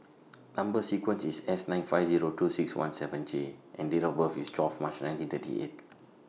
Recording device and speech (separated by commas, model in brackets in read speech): mobile phone (iPhone 6), read sentence